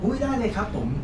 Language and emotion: Thai, happy